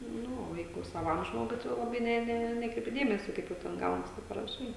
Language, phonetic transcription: Lithuanian, ˈnu o ˈjeigu saˈvam ˈžmogui ˈtai jau laˈbai ˈne ˈne ˈnekreipi ˈdėmesio ˈkaip jau ˈten ˈgaunas ˈtaip paraˈšai

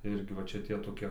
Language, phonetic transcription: Lithuanian, ˈirgi va ˈčia tie toˈkie

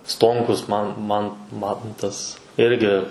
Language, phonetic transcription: Lithuanian, ˈstonkus man man ˈmantas ˈirgi

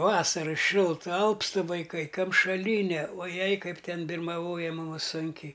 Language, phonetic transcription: Lithuanian, ˈvasara ˈšilta ˈalpstɨ vaiˈkai kamšaˈlyne o ˈjei ˈkaip ˈten birmaˈvoje ˈmumus ˈsunkiai

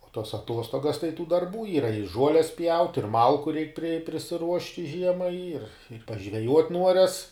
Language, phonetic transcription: Lithuanian, o tos aˈtuostogas tai tų darˈbų ˈyra i ˈžuoles pjaut' ir ˈmalku reik pri prisiˈruošti ˈžiemai ir pažveˈjuot' ˈnuorias

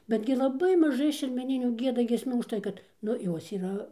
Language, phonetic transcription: Lithuanian, ˈbetgi laˈbai maˈžai šermeˈninių ˈgieda giesˈmių užˈtai kad ˈnu ˈjos yˈra

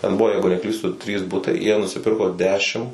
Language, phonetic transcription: Lithuanian, ten ˈbuvo ˈjeigu neˈklystu trys ˈbutai jie nusiˈpirko ˈdešim

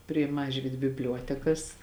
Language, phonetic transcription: Lithuanian, prie ˈmažvyd bibˈliuotekas

